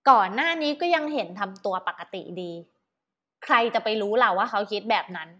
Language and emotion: Thai, frustrated